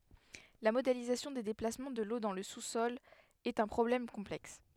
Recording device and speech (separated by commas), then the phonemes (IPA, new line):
headset microphone, read sentence
la modelizasjɔ̃ de deplasmɑ̃ də lo dɑ̃ lə susɔl ɛt œ̃ pʁɔblɛm kɔ̃plɛks